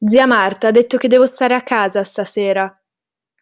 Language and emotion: Italian, angry